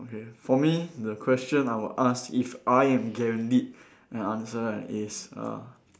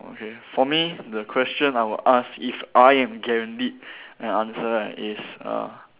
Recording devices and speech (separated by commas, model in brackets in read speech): standing microphone, telephone, conversation in separate rooms